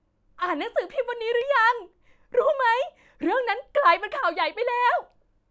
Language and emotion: Thai, happy